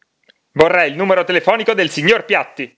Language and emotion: Italian, angry